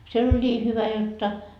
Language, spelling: Finnish, siellä oli niin hyvä jotta
- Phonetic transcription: siel ‿oĺ 'ńii hyvä 'jotta .

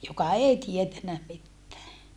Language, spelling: Finnish, joka ei tiennyt mitään
- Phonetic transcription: joka ei tietänä mittää .

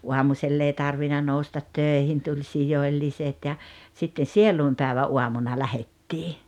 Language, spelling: Finnish, aamusella ei tarvinnut nousta töihin tuli sijoilliset ja sitten sielunpäivän aamuna lähdettiin
- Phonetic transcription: 'uamusell ‿ei 'tarvina 'noustat "tö̀ihin tuĺ "sijoⁱlliset ja , sitte "sielùimpä̀evä’ '’uamuna "lähettii .

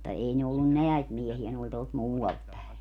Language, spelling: Finnish, mutta ei ne ollut näitä miehiä ne oli tuolta muualta päin
- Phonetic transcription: mutta 'ei ne ollun "neäit 'miehiä ne oĺ tuolt "muu₍alt päe .

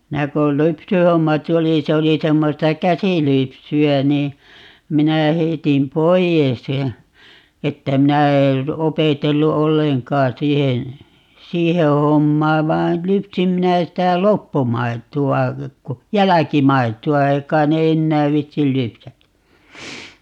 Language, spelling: Finnish, minä kun lypsyhommat oli se oli semmoista käsilypsyä niin minä heitin pois ja että minä en opetellut ollenkaan siihen siihen hommaan vaan lypsin minä sitä loppumaitoa jälkimaitoa ei kai ne enää viitsi lypsääkään
- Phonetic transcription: 'minä ko "lypsyhomma('t ‿oli) - 'se oli 'semmosta "käsilypsy₍ä nii , 'minä 'heitin "poijes ja , 'että "minä er , 'opetellu "olleŋkaa 'siihen , "siihe 'hommaa 'vain 'lypsim 'minä 'sitä "loppumaitu₍a , "jäläkimaitu₍a - 'ei k̀ain ne "ennääv 'viitti "lypsä[äkään] .

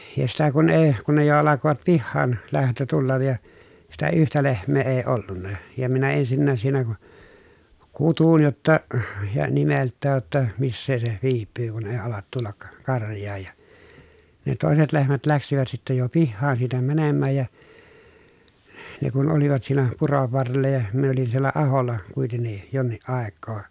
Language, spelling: Finnish, ja sitä kun ei kun ne jo alkoivat - pihaanlähtö tulla ja sitä yhtä lehmää ei ollut ja minä ensinnä siinä - kutsuin jotta ja nimeltään jotta missä se viipyy kun ei alat tulla karjaan ja ne toiset lehmät lähtivät sitten jo pihaan siitä menemään ja ne kun olivat siinä puron varrella ja minä olin siellä aholla kuitenkin jonkin aikaa
- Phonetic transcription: ja sitä kun ee , kun ne jo alakovat pihhaan- , -lähtö tullaj ja , sitä yhtä lehm̆mee ee ollunna , ja minä ensinnääs siinä ku- , kutun jotta , ja nimelttääj jotta , missee se , viippyy kun èi alat tullak , karj̀aaj ja , ne tòeset lehmät läksivät sittä jo pihhaan siitä mänemmääj ja , ne kun olivat siinä , purov varrella ja , min ‿olin siellä ahol̆la , kuitenni , jonniʼ ʼàekkoo .

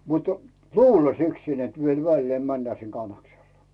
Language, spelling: Finnish, mutta luullakseni niin että vielä väleen mennään sinne Kannakselle
- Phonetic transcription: mutᴜ , "luullasiksin nᵉt viel 'vällee männää sin 'Kannaksellᴀ .

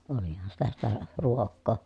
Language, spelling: Finnish, olihan sitä sitä ruokaa
- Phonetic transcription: olihan sitä sitä , ruokkoo .

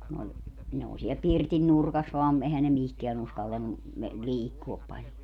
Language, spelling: Finnish, kun oli ne oli siellä pirtin nurkassa vain eihän ne mihinkään uskaltanut - liikkua paljon
- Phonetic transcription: kun ‿oĺ , ne ‿oo siɛl "pirtin 'nurkas vaam , 'ehän ne "mihkeä'n ‿uskaltannu , me- , "liikkuop paĺjo .

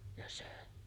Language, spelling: Finnish, ja söi
- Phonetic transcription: ja sö̀e .

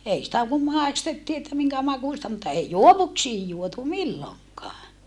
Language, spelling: Finnish, ei sitä kun maistettiin että minkä makuista mutta ei juovuksiin juotu milloinkaan
- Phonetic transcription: ei sⁱtä kum màistettii että miŋkä makùsta mutta ei juovuksiij juotu milloŋkaa .

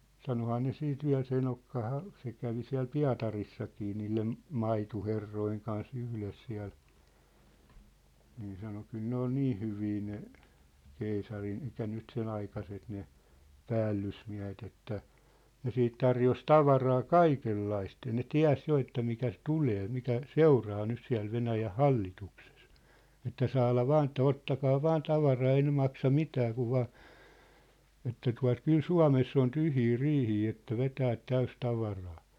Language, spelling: Finnish, sanoihan ne sitten vielä se enohan se kävi siellä Pietarissakin niiden maitoherrojen kanssa yhdessä siellä niin sanoi kyllä ne oli niin hyviä ne keisarin eli nyt sen aikaiset ne päällysmiehet että ne sitten tarjosi tavaraa kaikenlaista ja ne tiesi jo että mitä - tulee mitä seuraa nyt siellä Venäjän hallituksessa että saada vain että ottakaa vain tavaraa ei ne maksa mitään kun vain että tuota kyllä Suomessa on tyhjiä riihiä että vetää täysi tavaraa
- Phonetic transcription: 'sanohaa ne 'siit 'viä̭l se 'enokkaha , se kävi siä̭l "Pia̭tarissakii 'niillem̳ , "maitu'herrojeŋ kan's ‿yhles siä̭l , nii sano , 'kyl ne ‿ol "nii 'hyvii ne , 'keisarin ‿elik̆kä nyt 'sen ‿aikaset ne , "päällysmiä̭het ‿että , 'ne siit 'tarjos "tavaraa "kaikellaist ja ne "tiä̭s 'jo että mitä ‿s- "tulee , 'mitä , "seuraa 'nys siä̭l 'Venäjäʰ "hallituksᴇs , että 'saala "vaan ‿ĕttä » 'ottakaa "vaan 'tavaraa 'ei ne 'maksa "mitää kuv vaa « , että tua̭t » 'kyl "Sua̭mess ‿on "tyhjii "riihii että "vetäät 'täys 'tavaraa ! «

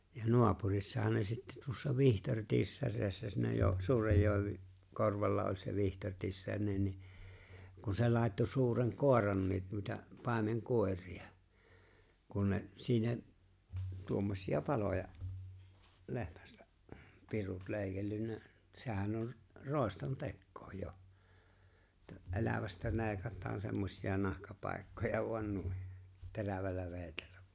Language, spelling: Finnish, ja naapurissahan ne sitten tuossa Vihtori Tissasessa ne - suuren joen korvalla oli se Vihtori Tissanen niin kun se laittoi suuren koirankin noita paimenkoiria kun ne siinä tuommoisia paloja lehmästä pirut leikellyt sehän on roiston tekoa jo että elävästä leikataan semmoisia nahkapaikkoja vain noin terävällä veitsellä
- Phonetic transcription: ja 'no̭apurissahan ne sitte tuossa 'Vihtᴏr̀ "Tissasessas ne jo- 'suurej joev- , 'korvalla oĺ se 'Vihtor̀ Tissańen ni , kun̬ se 'làetto 'suureŋ "kòer̀annii nuita "pàemeŋ"kòer̆ria , kun ne , (siinä’) , 'tuommośi₍a "paloja’ , "le̬hmästä’ , pirut 'lè̬i̬kellynnä , sehän or , "ròeston "tekkoo 'jo , että '’e̬lävästä 'le̬e̬ⁱkat̆taan semmośi₍a 'nahkapàekkoja vo̭an 'nui , 'terävällä 've̬e̬ⁱtellᴀ̈ .

